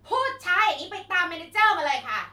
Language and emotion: Thai, angry